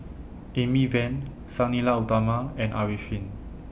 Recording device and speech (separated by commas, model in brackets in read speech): boundary microphone (BM630), read sentence